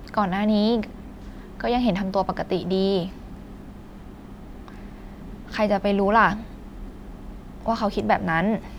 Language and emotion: Thai, frustrated